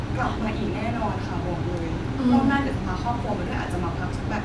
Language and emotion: Thai, happy